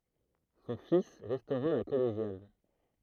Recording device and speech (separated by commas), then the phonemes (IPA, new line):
throat microphone, read sentence
sɔ̃ fis ʁɛstoʁa la kɔleʒjal